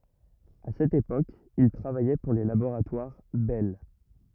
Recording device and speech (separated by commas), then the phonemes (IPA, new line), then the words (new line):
rigid in-ear microphone, read sentence
a sɛt epok il tʁavajɛ puʁ le laboʁatwaʁ bɛl
A cette époque, il travaillait pour les Laboratoires Bell.